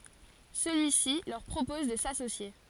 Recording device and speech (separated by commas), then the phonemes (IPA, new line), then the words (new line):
forehead accelerometer, read sentence
səlyisi lœʁ pʁopɔz də sasosje
Celui-ci leur propose de s'associer.